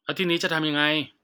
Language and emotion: Thai, frustrated